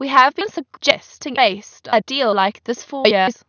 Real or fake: fake